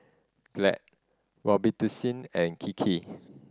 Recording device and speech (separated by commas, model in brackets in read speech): standing microphone (AKG C214), read sentence